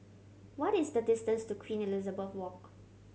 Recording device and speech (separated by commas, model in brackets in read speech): mobile phone (Samsung C7100), read sentence